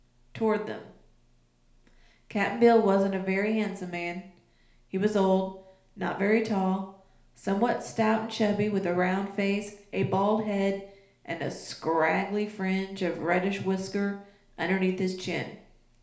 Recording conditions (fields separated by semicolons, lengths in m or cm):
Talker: one person; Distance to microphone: 1.0 m; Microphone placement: close; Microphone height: 1.1 m; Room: small (3.7 m by 2.7 m); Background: none